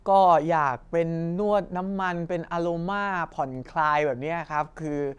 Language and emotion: Thai, neutral